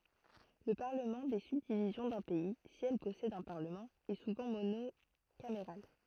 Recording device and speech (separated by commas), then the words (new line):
throat microphone, read sentence
Le parlement des subdivisions d'un pays, si elles possèdent un parlement, est souvent monocaméral.